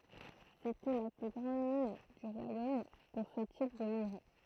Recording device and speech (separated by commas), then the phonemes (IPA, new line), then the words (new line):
throat microphone, read sentence
setɛ la ply ɡʁɑ̃d min dy ʁwajom puʁ sə tip də minʁe
C'était la plus grande mine du royaume pour ce type de minerai.